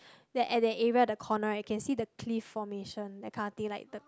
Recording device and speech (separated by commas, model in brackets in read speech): close-talking microphone, conversation in the same room